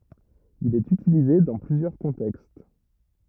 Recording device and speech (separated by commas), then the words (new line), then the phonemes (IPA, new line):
rigid in-ear microphone, read sentence
Il est utilisé dans plusieurs contextes.
il ɛt ytilize dɑ̃ plyzjœʁ kɔ̃tɛkst